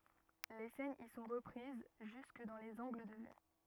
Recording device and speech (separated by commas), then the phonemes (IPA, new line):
rigid in-ear microphone, read sentence
le sɛnz i sɔ̃ ʁəpʁiz ʒysk dɑ̃ lez ɑ̃ɡl də vy